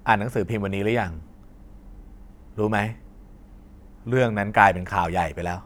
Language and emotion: Thai, frustrated